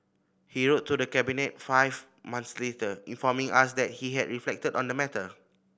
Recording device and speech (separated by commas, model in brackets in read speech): boundary microphone (BM630), read sentence